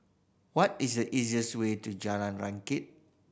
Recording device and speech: boundary microphone (BM630), read sentence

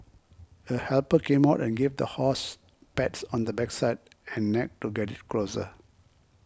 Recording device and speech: close-talking microphone (WH20), read sentence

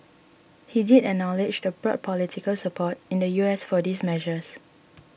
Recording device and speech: boundary microphone (BM630), read sentence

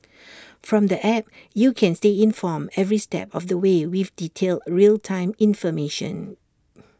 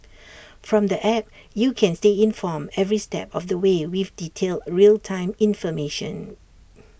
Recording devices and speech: standing microphone (AKG C214), boundary microphone (BM630), read sentence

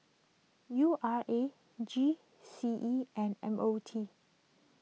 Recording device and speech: mobile phone (iPhone 6), read sentence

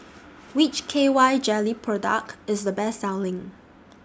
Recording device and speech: standing microphone (AKG C214), read sentence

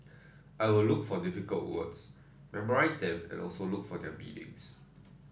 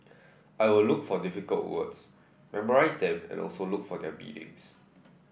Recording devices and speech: standing microphone (AKG C214), boundary microphone (BM630), read sentence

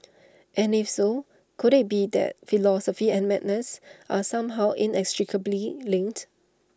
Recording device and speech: standing microphone (AKG C214), read sentence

